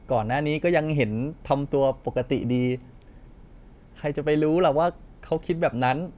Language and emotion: Thai, frustrated